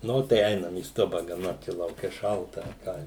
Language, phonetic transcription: Lithuanian, ˈnu tai ˈeinam į ˈstuba gaˈna čia lauˈke ˈšalta a ˈką

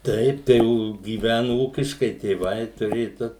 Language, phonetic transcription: Lithuanian, ˈtaip ˈtai gyˈvænu ˈūkiškai tėˈvai tuˈrėju ˈdu

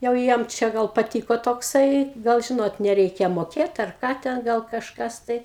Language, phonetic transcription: Lithuanian, jau ˈjiem čia ˈgal paˈtyko tokˈsai ˈgal ˈžinot neˈreikia moˈkėt ar ˈką ten ˈgal kažˈkas tai

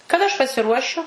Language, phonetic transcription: Lithuanian, kaˈda aš pasiˈruošiu

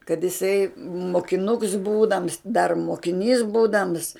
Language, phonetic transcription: Lithuanian, kad jiˈsai mokiˈnuks ˈbūdams dar mokiˈnys ˈbūdams

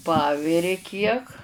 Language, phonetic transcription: Lithuanian, ˈpaviri kiek

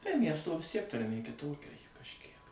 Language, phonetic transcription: Lithuanian, tai ˈmiesto vis tiek tarˈmė kiˈtokia ˈji kažˈkiek

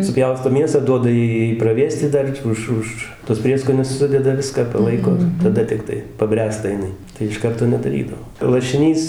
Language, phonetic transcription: Lithuanian, suˈpjausto ˈmiesą ˈduoda ˈjai ˈjai praˈvėsti ˈdar ˈuž ˈuž tuos ˈprieskonius ˈsudeda ˈviską paˈlaiko ir taˈda tikˈtai paˈbręsta jiˈnai tai iš ˈkarto nedaˈrydavo lašiˈnys

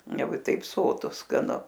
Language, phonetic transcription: Lithuanian, ˈjau i taip ˈsotu skaˈnu

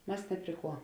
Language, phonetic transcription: Lithuanian, ˈmas ˈne pri ˌkuo

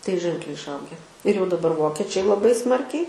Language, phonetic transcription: Lithuanian, tai ˈženkliai išˈauge ir jau daˈbar ˈvokečiai laˈbai ˈsmarkiai

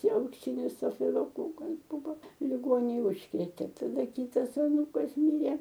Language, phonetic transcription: Lithuanian, aukˈsinis safiloˈkokas ˈbuva liˈgonėj ˈužkrėtė daˈda ˈkytas aˈnūkas ˈmyrė

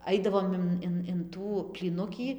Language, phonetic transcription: Lithuanian, ˈaidavom in ˈin in ˈtų plyˈnukį

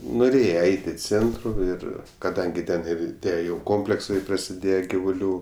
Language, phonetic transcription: Lithuanian, nuˈrėje ˈeit' i ˈcėntru ˈir kaˈdangi ˈten ˈir ˈtie ˈjau ˈkompleksai prasiˈdėje givuˈlių

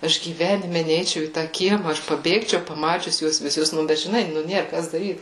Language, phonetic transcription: Lithuanian, ˈaš gyˈvenime ˈneičiau į ˈtą ˈkiema ˈaš paˈbėgčiau paˈmačius ˈjuos viˈsus ˈnu ˈbet žiˈnai ˈnu ˈnėr ˈkas daˈryt

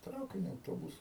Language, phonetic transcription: Lithuanian, ˈtraukiniu auˈtobusu

